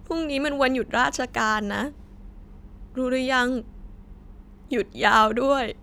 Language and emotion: Thai, sad